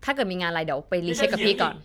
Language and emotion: Thai, neutral